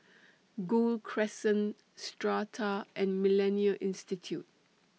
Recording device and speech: mobile phone (iPhone 6), read sentence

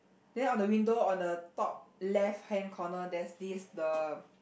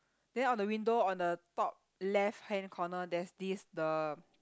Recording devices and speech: boundary microphone, close-talking microphone, conversation in the same room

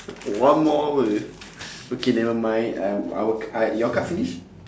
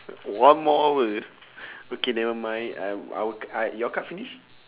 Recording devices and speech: standing microphone, telephone, conversation in separate rooms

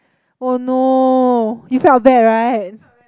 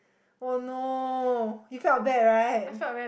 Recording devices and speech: close-talking microphone, boundary microphone, conversation in the same room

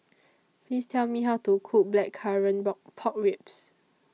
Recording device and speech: mobile phone (iPhone 6), read sentence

